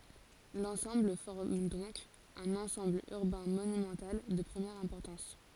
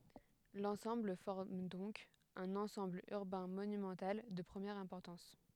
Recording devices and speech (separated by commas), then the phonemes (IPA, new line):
forehead accelerometer, headset microphone, read sentence
lɑ̃sɑ̃bl fɔʁm dɔ̃k œ̃n ɑ̃sɑ̃bl yʁbɛ̃ monymɑ̃tal də pʁəmjɛʁ ɛ̃pɔʁtɑ̃s